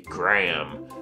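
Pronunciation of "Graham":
'Graham' is said the more formal American way, and the h in the middle is still somewhat there instead of getting lost.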